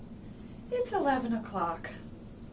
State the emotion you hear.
happy